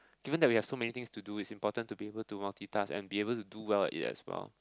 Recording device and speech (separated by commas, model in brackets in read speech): close-talking microphone, conversation in the same room